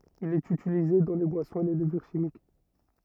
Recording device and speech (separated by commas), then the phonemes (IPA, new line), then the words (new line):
rigid in-ear microphone, read sentence
il ɛt ytilize dɑ̃ le bwasɔ̃z e le ləvyʁ ʃimik
Il est utilisé dans les boissons et les levures chimiques.